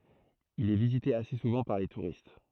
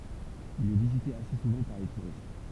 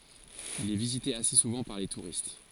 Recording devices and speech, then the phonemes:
throat microphone, temple vibration pickup, forehead accelerometer, read sentence
il ɛ vizite ase suvɑ̃ paʁ le tuʁist

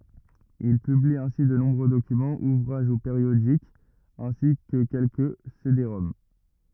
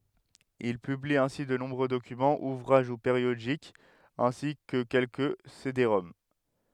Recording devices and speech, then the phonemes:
rigid in-ear microphone, headset microphone, read sentence
il pybli ɛ̃si də nɔ̃bʁø dokymɑ̃z uvʁaʒ u peʁjodikz ɛ̃si kə kɛlkə sedeʁɔm

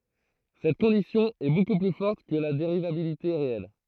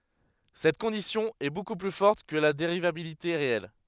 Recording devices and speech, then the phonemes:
throat microphone, headset microphone, read sentence
sɛt kɔ̃disjɔ̃ ɛ boku ply fɔʁt kə la deʁivabilite ʁeɛl

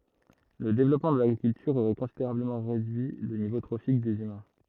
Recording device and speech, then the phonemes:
throat microphone, read sentence
lə devlɔpmɑ̃ də laɡʁikyltyʁ oʁɛ kɔ̃sideʁabləmɑ̃ ʁedyi lə nivo tʁofik dez ymɛ̃

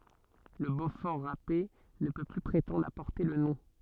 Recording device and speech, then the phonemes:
soft in-ear microphone, read sentence
lə bofɔʁ ʁape nə pø ply pʁetɑ̃dʁ a pɔʁte lə nɔ̃

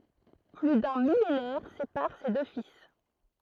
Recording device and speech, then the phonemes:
throat microphone, read sentence
ply dœ̃ milenɛʁ sepaʁ se dø fil

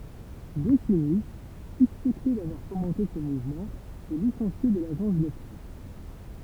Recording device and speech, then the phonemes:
temple vibration pickup, read sentence
ɡɔsini syspɛkte davwaʁ fomɑ̃te sə muvmɑ̃ ɛ lisɑ̃sje də laʒɑ̃s də pʁɛs

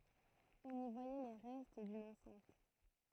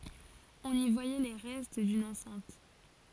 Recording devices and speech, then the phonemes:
throat microphone, forehead accelerometer, read sentence
ɔ̃n i vwajɛ le ʁɛst dyn ɑ̃sɛ̃t

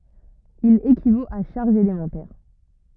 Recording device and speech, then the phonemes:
rigid in-ear microphone, read sentence
il ekivot a ʃaʁʒz elemɑ̃tɛʁ

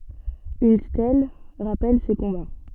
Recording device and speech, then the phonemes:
soft in-ear microphone, read sentence
yn stɛl ʁapɛl se kɔ̃ba

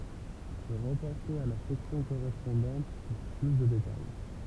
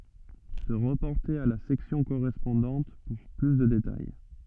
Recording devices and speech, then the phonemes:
temple vibration pickup, soft in-ear microphone, read sentence
sə ʁəpɔʁte a la sɛksjɔ̃ koʁɛspɔ̃dɑ̃t puʁ ply də detaj

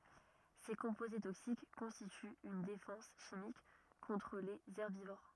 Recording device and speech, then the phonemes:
rigid in-ear microphone, read sentence
se kɔ̃poze toksik kɔ̃stityt yn defɑ̃s ʃimik kɔ̃tʁ lez ɛʁbivoʁ

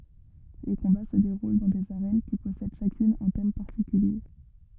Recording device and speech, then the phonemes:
rigid in-ear microphone, read sentence
le kɔ̃ba sə deʁul dɑ̃ dez aʁɛn ki pɔsɛd ʃakyn œ̃ tɛm paʁtikylje

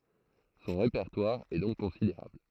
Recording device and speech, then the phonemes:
throat microphone, read sentence
sɔ̃ ʁepɛʁtwaʁ ɛ dɔ̃k kɔ̃sideʁabl

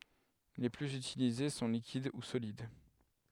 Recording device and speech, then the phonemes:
headset microphone, read sentence
le plyz ytilize sɔ̃ likid u solid

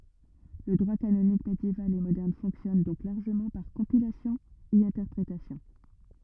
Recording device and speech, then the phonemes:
rigid in-ear microphone, read sentence
lə dʁwa kanonik medjeval e modɛʁn fɔ̃ksjɔn dɔ̃k laʁʒəmɑ̃ paʁ kɔ̃pilasjɔ̃ e ɛ̃tɛʁpʁetasjɔ̃

